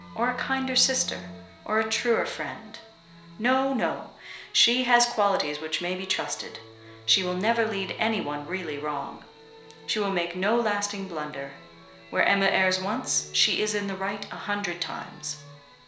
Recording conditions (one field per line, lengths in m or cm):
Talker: one person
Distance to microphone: 1.0 m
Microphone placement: close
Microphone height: 1.1 m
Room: small (3.7 m by 2.7 m)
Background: music